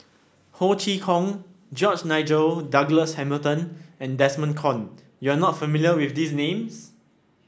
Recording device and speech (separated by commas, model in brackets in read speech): standing microphone (AKG C214), read sentence